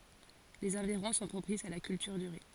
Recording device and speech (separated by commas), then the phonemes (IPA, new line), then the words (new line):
forehead accelerometer, read sentence
lez ɑ̃viʁɔ̃ sɔ̃ pʁopisz a la kyltyʁ dy ʁi
Les environs sont propices à la culture du riz.